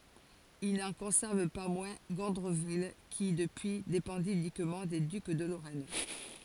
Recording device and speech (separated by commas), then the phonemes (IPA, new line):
forehead accelerometer, read sentence
il nɑ̃ kɔ̃sɛʁv pa mwɛ̃ ɡɔ̃dʁəvil ki dəpyi depɑ̃di ynikmɑ̃ de dyk də loʁɛn